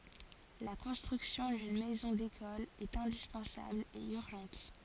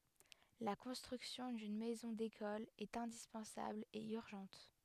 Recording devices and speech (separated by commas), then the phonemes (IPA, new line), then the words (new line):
forehead accelerometer, headset microphone, read sentence
la kɔ̃stʁyksjɔ̃ dyn mɛzɔ̃ dekɔl ɛt ɛ̃dispɑ̃sabl e yʁʒɑ̃t
La construction d'une Maison d'École est indispensable et urgente.